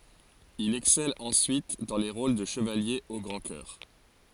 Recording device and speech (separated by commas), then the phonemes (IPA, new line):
forehead accelerometer, read sentence
il ɛksɛl ɑ̃syit dɑ̃ le ʁol də ʃəvalje o ɡʁɑ̃ kœʁ